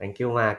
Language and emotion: Thai, neutral